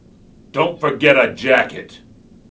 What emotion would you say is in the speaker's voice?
angry